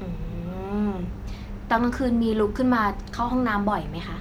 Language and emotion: Thai, neutral